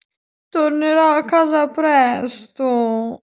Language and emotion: Italian, sad